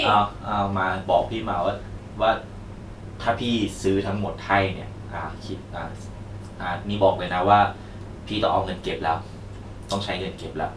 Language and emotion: Thai, neutral